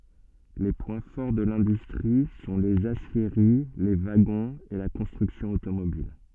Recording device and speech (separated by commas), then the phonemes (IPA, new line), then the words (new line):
soft in-ear microphone, read sentence
le pwɛ̃ fɔʁ də lɛ̃dystʁi sɔ̃ lez asjeʁi le vaɡɔ̃z e la kɔ̃stʁyksjɔ̃ otomobil
Les points forts de l'industrie sont les aciéries, les wagons et la construction automobile.